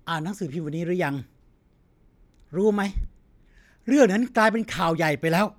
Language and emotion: Thai, angry